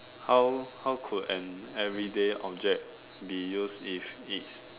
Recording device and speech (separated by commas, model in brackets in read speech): telephone, conversation in separate rooms